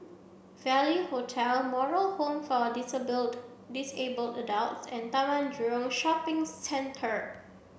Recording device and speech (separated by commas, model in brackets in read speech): boundary microphone (BM630), read sentence